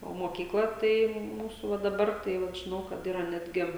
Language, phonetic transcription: Lithuanian, o mokykˈla ˈtai ˈmūsu va daˈbar tai ˈvat žiˈnau kad ˈyra ˈnetgi

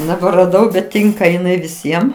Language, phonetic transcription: Lithuanian, neberaˈdau bet ˈtinka iˈnai viˈsiem

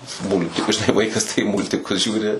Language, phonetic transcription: Lithuanian, ˈmultikus ˈvaikas tai ˈmūltikus ˈžiūri

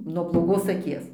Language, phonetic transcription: Lithuanian, nuo bloˈgos aˈkies

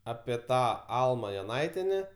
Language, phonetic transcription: Lithuanian, ˈapie ˈtą ˈalma joˈnaitiene

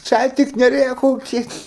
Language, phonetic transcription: Lithuanian, ˈčiai tik neˈrėkaukit

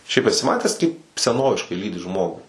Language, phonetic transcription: Lithuanian, ˈšiaip eˈsi ˈmatęs ˈkaip seˈnoviškai ˈlydi ˈžmogu

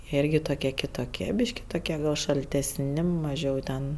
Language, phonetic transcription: Lithuanian, ˈirgi toˈkie kitoˈkie ˈbyški toˈkie ˈgal šaltesˈni maˈžiau ten

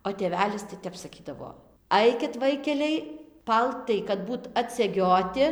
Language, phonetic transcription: Lithuanian, o tėˈvelis tai ˈtep saˈkydavo ˈaikit ˈvaikeliai ˈpaltai kad ˈbūt atseˈgioti

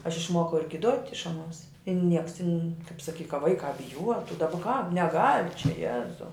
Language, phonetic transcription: Lithuanian, aš išˈmuokau ir giˈduot' iš aˈnuos i ˈnieks tin' kap saˈky ka ˈvaikā biˈjuotu daˈba ką neˈgal' čia ˈjezau

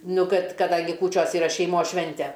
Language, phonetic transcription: Lithuanian, ˈnu ˈkad kaˈdangi ˈkūčios yˈra šeiˈmos ˈšvente

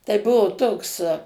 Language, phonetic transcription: Lithuanian, tai ˈbuvo ˈtoks

